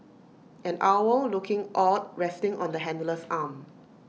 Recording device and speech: mobile phone (iPhone 6), read sentence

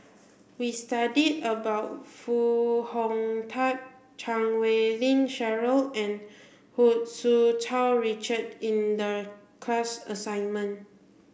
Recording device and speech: boundary microphone (BM630), read sentence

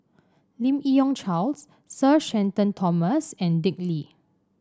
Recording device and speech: standing microphone (AKG C214), read sentence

